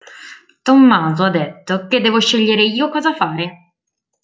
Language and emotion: Italian, neutral